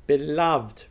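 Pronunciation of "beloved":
'Beloved' is said here in a form that is not really the standard pronunciation.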